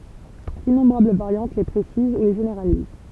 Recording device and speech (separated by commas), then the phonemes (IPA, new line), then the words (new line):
temple vibration pickup, read sentence
dinɔ̃bʁabl vaʁjɑ̃t le pʁesiz u le ʒeneʁaliz
D'innombrables variantes les précisent ou les généralisent.